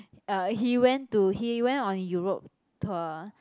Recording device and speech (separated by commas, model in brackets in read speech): close-talking microphone, conversation in the same room